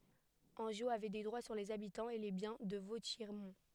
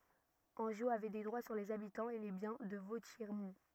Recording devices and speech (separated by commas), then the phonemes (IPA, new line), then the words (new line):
headset microphone, rigid in-ear microphone, read sentence
ɑ̃ʒo avɛ de dʁwa syʁ lez abitɑ̃z e le bjɛ̃ də votjɛʁmɔ̃
Angeot avait des droits sur les habitants et les biens de Vauthiermont.